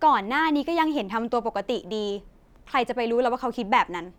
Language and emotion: Thai, frustrated